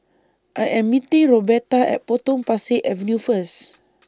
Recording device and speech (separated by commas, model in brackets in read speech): standing microphone (AKG C214), read sentence